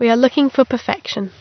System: none